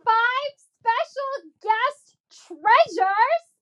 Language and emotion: English, disgusted